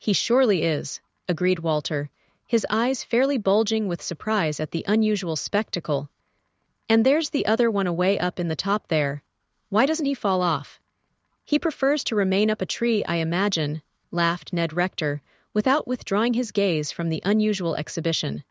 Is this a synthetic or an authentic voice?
synthetic